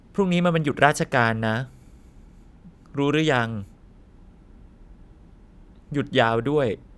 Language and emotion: Thai, neutral